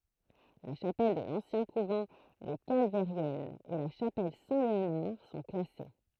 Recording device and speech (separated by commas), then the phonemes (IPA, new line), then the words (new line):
throat microphone, read sentence
la ʃapɛl də lɑ̃sjɛ̃ kuvɑ̃ de kalvɛʁjɛnz e la ʃapɛl sɛ̃tleonaʁ sɔ̃ klase
La chapelle de l'ancien couvent des Calvairiennes et la chapelle Saint-Léonard sont classées.